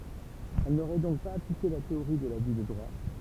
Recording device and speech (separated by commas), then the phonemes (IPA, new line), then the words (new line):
temple vibration pickup, read sentence
ɛl noʁɛ dɔ̃k paz aplike la teoʁi də laby də dʁwa
Elle n'aurait donc pas appliqué la théorie de l'abus de droit.